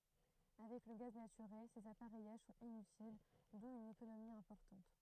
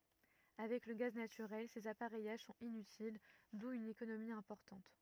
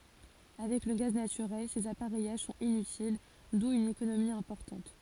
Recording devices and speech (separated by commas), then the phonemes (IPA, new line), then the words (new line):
throat microphone, rigid in-ear microphone, forehead accelerometer, read sentence
avɛk lə ɡaz natyʁɛl sez apaʁɛjaʒ sɔ̃t inytil du yn ekonomi ɛ̃pɔʁtɑ̃t
Avec le gaz naturel, ces appareillages sont inutiles, d'où une économie importante.